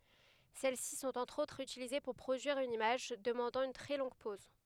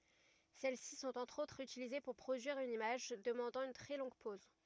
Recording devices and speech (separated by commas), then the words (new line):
headset microphone, rigid in-ear microphone, read sentence
Celles-ci sont entre autres utilisées pour produire une image demandant une très longue pose.